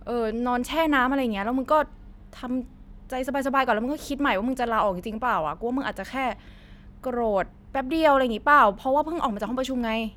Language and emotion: Thai, neutral